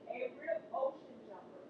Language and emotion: English, neutral